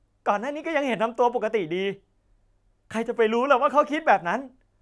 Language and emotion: Thai, happy